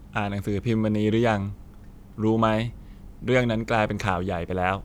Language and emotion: Thai, neutral